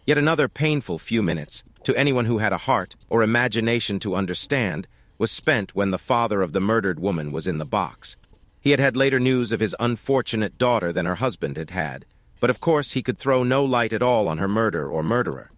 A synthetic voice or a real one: synthetic